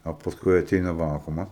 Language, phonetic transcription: Lithuanian, o pasˈkui aˈteina ˈvakumas

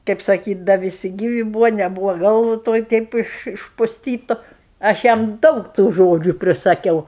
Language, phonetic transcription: Lithuanian, kaip saˈkyt' da viˈsi ˈgyvi būvo neˈbūvo ˈgalvu ˈtoj ˈteip iš išpusˈtytu aš ˈjam ˈdaug tų ˈžodžiu prisaˈkiau

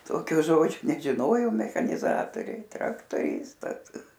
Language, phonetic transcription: Lithuanian, ˈtokio ˈžodžio nežiˈnojom mechaniˈzatoriai traktoˈristas

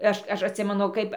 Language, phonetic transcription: Lithuanian, ˈaš ˈaš atˈsimenu ˈkaip

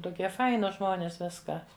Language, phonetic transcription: Lithuanian, tuˈkie ˈfainus ˈžmonės ˈviska

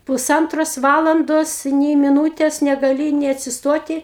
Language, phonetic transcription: Lithuanian, puˈsantros ˈvalandos nei miˈnūtės negaˈli nė neatsisˈtoti

